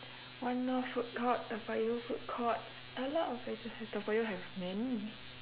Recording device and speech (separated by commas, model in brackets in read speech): telephone, conversation in separate rooms